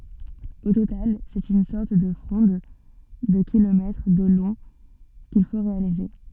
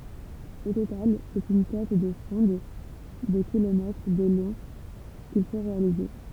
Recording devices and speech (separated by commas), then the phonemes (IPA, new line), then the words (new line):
soft in-ear microphone, temple vibration pickup, read sentence
o total sɛt yn sɔʁt də fʁɔ̃d də kilomɛtʁ də lɔ̃ kil fo ʁealize
Au total, c'est une sorte de fronde de kilomètres de long qu'il faut réaliser.